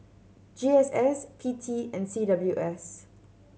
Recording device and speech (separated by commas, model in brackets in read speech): mobile phone (Samsung C7100), read sentence